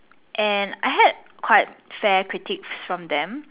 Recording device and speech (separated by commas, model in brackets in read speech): telephone, conversation in separate rooms